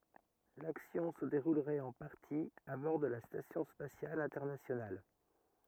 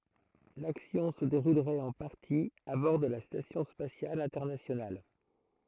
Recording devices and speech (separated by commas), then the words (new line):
rigid in-ear microphone, throat microphone, read sentence
L'action se déroulerait en partie à bord de la Station spatiale internationale.